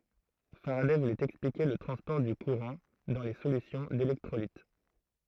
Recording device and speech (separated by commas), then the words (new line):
throat microphone, read sentence
Faraday voulait expliquer le transport du courant dans les solutions d'électrolytes.